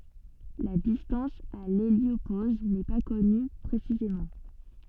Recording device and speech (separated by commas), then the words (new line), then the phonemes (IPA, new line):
soft in-ear microphone, read sentence
La distance à l'héliopause n'est pas connue précisément.
la distɑ̃s a leljopoz nɛ pa kɔny pʁesizemɑ̃